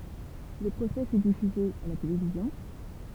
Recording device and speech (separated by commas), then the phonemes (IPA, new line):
temple vibration pickup, read sentence
lə pʁosɛ fy difyze a la televizjɔ̃